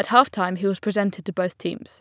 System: none